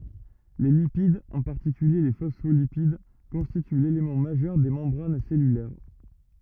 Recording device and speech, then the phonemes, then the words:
rigid in-ear microphone, read sentence
le lipid ɑ̃ paʁtikylje le fɔsfolipid kɔ̃stity lelemɑ̃ maʒœʁ de mɑ̃bʁan sɛlylɛʁ
Les lipides, en particulier les phospholipides, constituent l'élément majeur des membranes cellulaires.

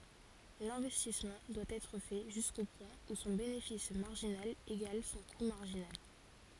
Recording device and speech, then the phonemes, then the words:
forehead accelerometer, read sentence
lɛ̃vɛstismɑ̃ dwa ɛtʁ fɛ ʒysko pwɛ̃ u sɔ̃ benefis maʁʒinal eɡal sɔ̃ ku maʁʒinal
L'investissement doit être fait jusqu'au point où son bénéfice marginal égale son coût marginal.

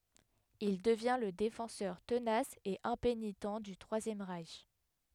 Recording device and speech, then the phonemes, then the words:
headset microphone, read sentence
il dəvjɛ̃ lə defɑ̃sœʁ tənas e ɛ̃penitɑ̃ dy tʁwazjɛm ʁɛʃ
Il devient le défenseur tenace et impénitent du Troisième Reich.

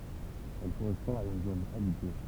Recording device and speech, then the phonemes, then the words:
temple vibration pickup, read sentence
ɛl koʁɛspɔ̃ a yn zon abite
Elle correspond à une zone habitée.

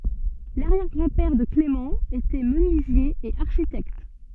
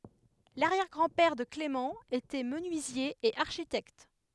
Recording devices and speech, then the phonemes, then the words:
soft in-ear microphone, headset microphone, read sentence
laʁjɛʁ ɡʁɑ̃ pɛʁ də klemɑ̃ etɛ mənyizje e aʁʃitɛkt
L'arrière-grand-père de Clément était menuisier et architecte.

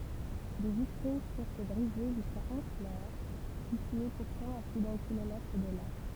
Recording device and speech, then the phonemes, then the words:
temple vibration pickup, read sentence
de vitʁin fyʁ bʁize ʒyska ɔ̃flœʁ sitye puʁtɑ̃ a ply dœ̃ kilomɛtʁ də la
Des vitrines furent brisées jusqu'à Honfleur, située pourtant à plus d'un kilomètre de là.

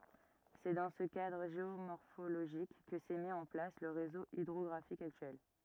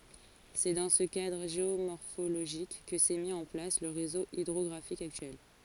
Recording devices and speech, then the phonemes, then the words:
rigid in-ear microphone, forehead accelerometer, read sentence
sɛ dɑ̃ sə kadʁ ʒeomɔʁfoloʒik kə sɛ mi ɑ̃ plas lə ʁezo idʁɔɡʁafik aktyɛl
C'est dans ce cadre géomorphologique que s'est mis en place le réseau hydrographique actuel.

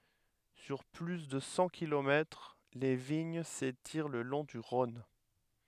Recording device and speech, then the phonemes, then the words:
headset microphone, read sentence
syʁ ply də sɑ̃ kilomɛtʁ le viɲ setiʁ lə lɔ̃ dy ʁɔ̃n
Sur plus de cent kilomètres, les vignes s'étirent le long du Rhône.

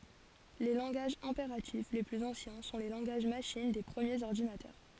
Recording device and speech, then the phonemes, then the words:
forehead accelerometer, read sentence
le lɑ̃ɡaʒz ɛ̃peʁatif le plyz ɑ̃sjɛ̃ sɔ̃ le lɑ̃ɡaʒ maʃin de pʁəmjez ɔʁdinatœʁ
Les langages impératifs les plus anciens sont les langages machine des premiers ordinateurs.

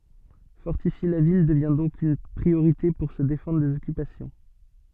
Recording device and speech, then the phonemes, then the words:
soft in-ear microphone, read sentence
fɔʁtifje la vil dəvɛ̃ dɔ̃k yn pʁioʁite puʁ sə defɑ̃dʁ dez ɔkypasjɔ̃
Fortifier la ville devint donc une priorité pour se défendre des occupations.

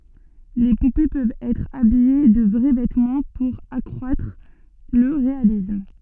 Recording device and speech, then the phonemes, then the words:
soft in-ear microphone, read sentence
le pupe pøvt ɛtʁ abije də vʁɛ vɛtmɑ̃ puʁ akʁwatʁ lə ʁealism
Les poupées peuvent être habillées de vrais vêtements pour accroître le réalisme.

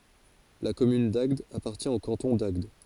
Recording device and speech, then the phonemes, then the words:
forehead accelerometer, read sentence
la kɔmyn daɡd apaʁtjɛ̃ o kɑ̃tɔ̃ daɡd
La commune d'Agde appartient au canton d'Agde.

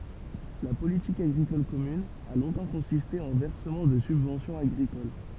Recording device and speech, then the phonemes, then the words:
temple vibration pickup, read sentence
la politik aɡʁikɔl kɔmyn a lɔ̃tɑ̃ kɔ̃siste ɑ̃ vɛʁsəmɑ̃ də sybvɑ̃sjɔ̃z aɡʁikol
La politique agricole commune a longtemps consisté en versement de subventions agricoles.

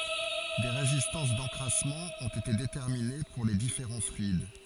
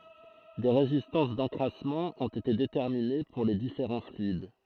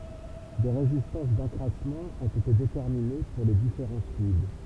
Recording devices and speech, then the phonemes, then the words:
forehead accelerometer, throat microphone, temple vibration pickup, read sentence
de ʁezistɑ̃s dɑ̃kʁasmɑ̃ ɔ̃t ete detɛʁmine puʁ le difeʁɑ̃ flyid
Des résistances d'encrassement ont été déterminées pour les différents fluides.

